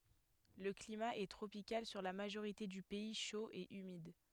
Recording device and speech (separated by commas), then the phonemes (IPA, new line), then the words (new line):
headset microphone, read sentence
lə klima ɛ tʁopikal syʁ la maʒoʁite dy pɛi ʃo e ymid
Le climat est tropical sur la majorité du pays, chaud et humide.